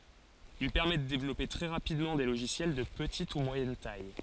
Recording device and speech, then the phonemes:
forehead accelerometer, read sentence
il pɛʁmɛ də devlɔpe tʁɛ ʁapidmɑ̃ de loʒisjɛl də pətit u mwajɛn taj

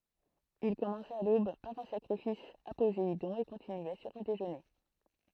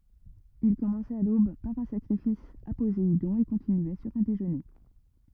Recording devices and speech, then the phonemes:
throat microphone, rigid in-ear microphone, read sentence
il kɔmɑ̃sɛt a lob paʁ œ̃ sakʁifis a pozeidɔ̃ e kɔ̃tinyɛ syʁ œ̃ deʒøne

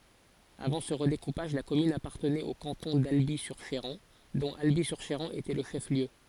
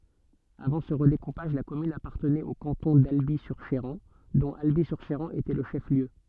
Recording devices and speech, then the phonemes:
forehead accelerometer, soft in-ear microphone, read sentence
avɑ̃ sə ʁədekupaʒ la kɔmyn apaʁtənɛt o kɑ̃tɔ̃ dalbi syʁ ʃeʁɑ̃ dɔ̃t albi syʁ ʃeʁɑ̃ etɛ lə ʃɛf ljø

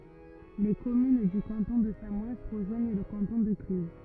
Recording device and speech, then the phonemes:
rigid in-ear microphone, read sentence
le kɔmyn dy kɑ̃tɔ̃ də samɔɛn ʁəʒwaɲ lə kɑ̃tɔ̃ də klyz

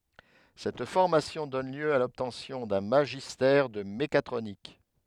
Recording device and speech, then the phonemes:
headset microphone, read sentence
sɛt fɔʁmasjɔ̃ dɔn ljø a lɔbtɑ̃sjɔ̃ dœ̃ maʒistɛʁ də mekatʁonik

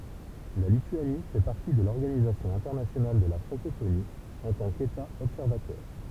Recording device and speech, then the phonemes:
temple vibration pickup, read sentence
la lityani fɛ paʁti də lɔʁɡanizasjɔ̃ ɛ̃tɛʁnasjonal də la fʁɑ̃kofoni ɑ̃ tɑ̃ keta ɔbsɛʁvatœʁ

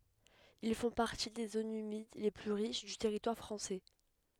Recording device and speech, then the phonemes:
headset microphone, read sentence
il fɔ̃ paʁti de zonz ymid le ply ʁiʃ dy tɛʁitwaʁ fʁɑ̃sɛ

